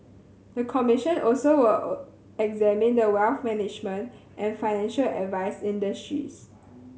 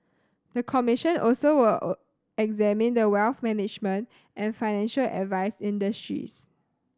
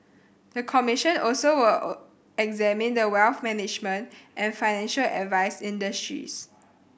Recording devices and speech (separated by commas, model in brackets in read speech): mobile phone (Samsung C7100), standing microphone (AKG C214), boundary microphone (BM630), read sentence